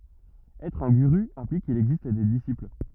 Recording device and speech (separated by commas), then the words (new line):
rigid in-ear microphone, read sentence
Être un guru implique qu'il existe des disciples.